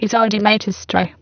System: VC, spectral filtering